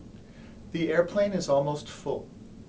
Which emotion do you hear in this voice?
neutral